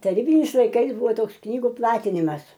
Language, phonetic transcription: Lithuanian, taˈrybinis laiˈkais ˈbuvo ˈtoks ˈknygu ˈplatinimas

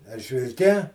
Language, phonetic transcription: Lithuanian, eržvilˈke

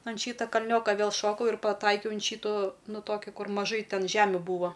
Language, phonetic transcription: Lithuanian, an ˈšyta kaˈlnioka ˈvėl ˈšokau ir paˈtaikiau an ˈšytu ˈnu ˈtoki ˈkur maˈžai ˈten ˈžemiu ˈbūvo

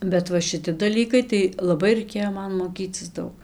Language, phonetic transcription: Lithuanian, bet ˈva šiˈti daˈlykai tai laˈbai raiˈkėjo ˈman moˈkycis ˈdaug

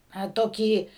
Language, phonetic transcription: Lithuanian, a ˈtokį

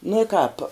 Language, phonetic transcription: Lithuanian, nuo i kāp

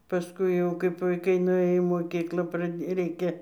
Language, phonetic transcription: Lithuanian, pasˈkui jau kaip vaiˈkai nuˈėjo į moˈkyklą praˈdė ˈreikia

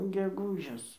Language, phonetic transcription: Lithuanian, geˈgūžis

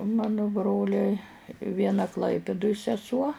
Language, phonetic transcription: Lithuanian, u ˈmanu ˈbroliai ˈviena ˈklaipiduj seˈsuo

